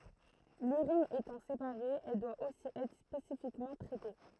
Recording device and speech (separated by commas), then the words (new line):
throat microphone, read sentence
L'urine étant séparée, elle doit aussi être spécifiquement traitée.